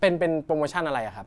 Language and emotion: Thai, neutral